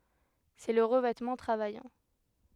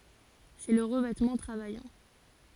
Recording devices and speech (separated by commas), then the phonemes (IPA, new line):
headset microphone, forehead accelerometer, read sentence
sɛ lə ʁəvɛtmɑ̃ tʁavajɑ̃